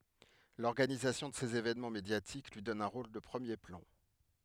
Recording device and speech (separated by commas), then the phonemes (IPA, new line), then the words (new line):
headset microphone, read sentence
lɔʁɡanizasjɔ̃ də sez evɛnmɑ̃ medjatik lyi dɔn œ̃ ʁol də pʁəmje plɑ̃
L'organisation de ces évènements médiatiques lui donne un rôle de premier plan.